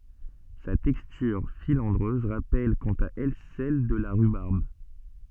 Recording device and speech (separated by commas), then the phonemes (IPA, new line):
soft in-ear microphone, read sentence
sa tɛkstyʁ filɑ̃dʁøz ʁapɛl kɑ̃t a ɛl sɛl də la ʁybaʁb